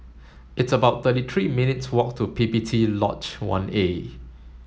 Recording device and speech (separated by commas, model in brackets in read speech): mobile phone (Samsung S8), read sentence